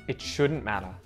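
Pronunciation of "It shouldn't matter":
The t at the end of 'shouldn't', after the n, is muted.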